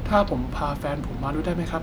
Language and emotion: Thai, neutral